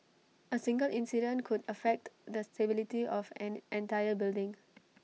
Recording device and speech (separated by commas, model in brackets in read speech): mobile phone (iPhone 6), read sentence